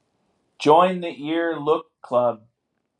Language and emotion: English, surprised